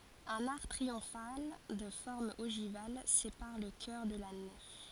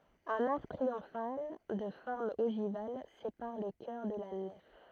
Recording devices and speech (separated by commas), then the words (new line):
forehead accelerometer, throat microphone, read sentence
Un arc triomphal de forme ogivale sépare le chœur de la nef.